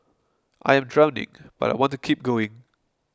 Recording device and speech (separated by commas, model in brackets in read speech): close-talking microphone (WH20), read sentence